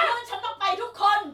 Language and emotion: Thai, angry